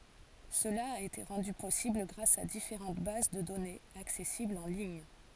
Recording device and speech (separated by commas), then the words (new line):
forehead accelerometer, read sentence
Cela a été rendu possible grâce à différentes bases de données, accessibles en lignes.